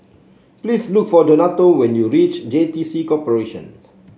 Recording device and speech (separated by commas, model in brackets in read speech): mobile phone (Samsung C7), read sentence